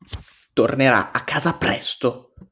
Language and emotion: Italian, angry